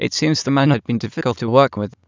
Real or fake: fake